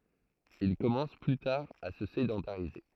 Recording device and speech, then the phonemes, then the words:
throat microphone, read sentence
il kɔmɑ̃s ply taʁ a sə sedɑ̃taʁize
Ils commencent plus tard à se sédentariser.

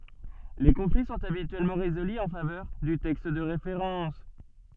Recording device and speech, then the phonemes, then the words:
soft in-ear microphone, read sentence
le kɔ̃fli sɔ̃t abityɛlmɑ̃ ʁezoly ɑ̃ favœʁ dy tɛkst də ʁefeʁɑ̃s
Les conflits sont habituellement résolus en faveur du texte de référence.

